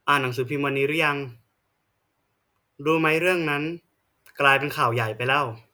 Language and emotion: Thai, neutral